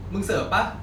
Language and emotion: Thai, frustrated